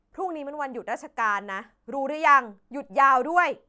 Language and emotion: Thai, angry